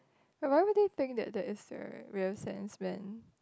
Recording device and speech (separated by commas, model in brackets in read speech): close-talking microphone, conversation in the same room